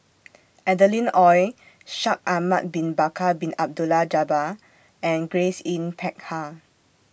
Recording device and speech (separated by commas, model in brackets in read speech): boundary microphone (BM630), read sentence